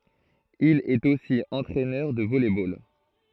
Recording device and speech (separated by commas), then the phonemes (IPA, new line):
throat microphone, read sentence
il ɛt osi ɑ̃tʁɛnœʁ də vɔlɛ bol